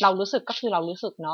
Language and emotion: Thai, frustrated